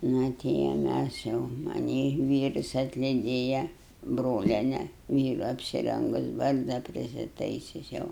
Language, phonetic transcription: Lithuanian, ˈna ˈti jau ˈmæs jau maˈnį ˈvyrus atliˈdėja ˈbroliene ˈvyru apsiˈrengus ˈbarzda prisiˈtaisius ˈjau

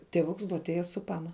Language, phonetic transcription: Lithuanian, ˈtėvuks ˈbuva atˈėjes su ˈpana bute su pana

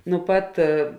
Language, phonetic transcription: Lithuanian, nu ˈpat

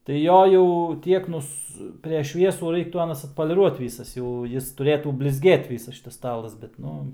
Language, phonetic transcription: Lithuanian, tai ˈjo jau ˈtiek nus preš ˈšviesų ˈraiktų ˈanas atpoliˈruot ˈvysas jau ˈjis tuˈrėtų blizˈgėt ˈvysas ˈšitas ˈstalas bet ˈnu

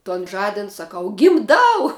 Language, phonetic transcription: Lithuanian, ton ˈžadin saˈkau gimˈdau

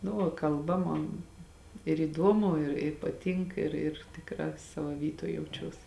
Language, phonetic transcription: Lithuanian, nu ˈva kalˈba ˈmon ir įˈduomu ir i paˈtink ir ir tikˈrā ˈsavo ˈvytoj jauˈčiuos

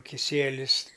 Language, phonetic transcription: Lithuanian, kiˈsielis

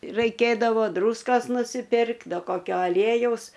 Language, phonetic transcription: Lithuanian, raiˈkėdavo ˈdrūskos nusiˈpirk ˈda koˈkio aˈliejaus

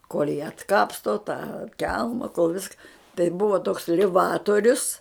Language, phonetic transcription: Lithuanian, kol' jį atˈkapsto tą ˈkelma kol ˈviska tai ˈbuva toks liˈvatorius

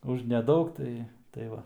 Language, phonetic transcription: Lithuanian, už neˈdaug ˈtai tai ˈva

